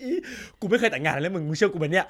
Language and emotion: Thai, happy